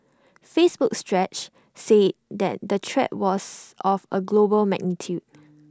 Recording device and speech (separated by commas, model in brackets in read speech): standing microphone (AKG C214), read sentence